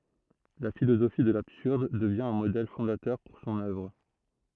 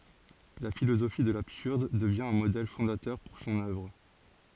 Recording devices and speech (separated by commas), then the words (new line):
throat microphone, forehead accelerometer, read sentence
La philosophie de l'absurde devient un modèle fondateur pour son œuvre.